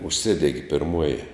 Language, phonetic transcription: Lithuanian, užˈsidegi pirˈmuoji

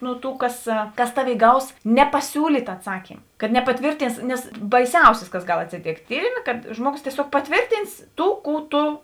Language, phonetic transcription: Lithuanian, nu ˈtų kas kas ˈtaˌvėi 'gaus nepaˈsiūlyt' aˈtsakym kad nepaˈtvyrtins nes baiˈsiausis kas ˈgal atsiˈtėkt' ˈtyrimė kad ˈžmuoˌgos tieˈsiog paˈtvėrtyns ˈtų ˈkų ˈtu

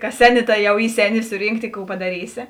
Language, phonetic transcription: Lithuanian, kas ˈseˌni ˈta ˈjau ˈy ˈseˌni ˈsurynkˌti ˈkų padaˈrysi

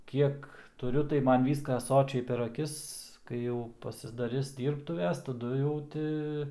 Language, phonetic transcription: Lithuanian, ˈkiek tuˈriu tai ˈman ˈvyska ˈsočiai per aˈkis kai ˈjau pasidaˈris dyrbˈtuves taˈdu jau ˈti

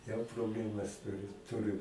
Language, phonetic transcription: Lithuanian, jau probˈlemas ˈturi ˈturi

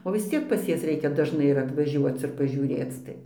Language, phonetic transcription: Lithuanian, o vis ˈciek pas ˈjas ˈreikia dažˈnai ir atvaˈžiuoc ir pažiūˈrėc ˈtai

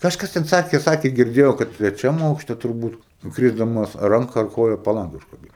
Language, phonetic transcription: Lithuanian, kažˈkas ten ˈsakė ˈsakė girˈdėjo kad treˈčiam ˈaukšte turˈbūt nu ˈkrysdamas ˈranka ar ˈkoja paˈlange užkaˈbyno

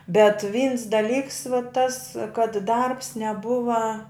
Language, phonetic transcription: Lithuanian, bet vyns daˈlyks va tas kad darbs neˈbuva

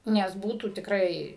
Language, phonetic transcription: Lithuanian, ˈnes ˈbūtų tikˈrai

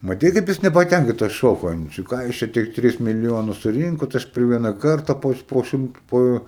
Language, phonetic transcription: Lithuanian, maˈtei kaip ˈjis nepaˈtænkintas ˈšoko an ˈjų ˈčia ˈką jūs ˈčia tik ˈtris miliˈjonus suˈrynkot ˈaš per ˈviena ˈkarta ˈpo po ˈšimt ˈpo

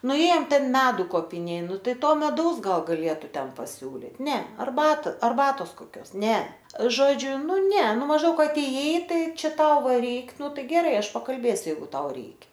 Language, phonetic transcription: Lithuanian, nuˈėjom ˈten ˈmedu kopiˈnė ˈnu ˈtai ˈto meˈdaus ˈgal gaˈlėtu ˈten paˈsiūlit ˈne arˈbat arˈbatos koˈkios ˈne ˈžodžiu ˈnu ˈne ˈnu mažˈdaug aˈtėjai ˈtai ˈčia ˈtau ˈva ˈreik ˈnu ˈtai geˈrai ˈaš pakalˈbėsiu ˈjeigu ˈtau ˈreikia

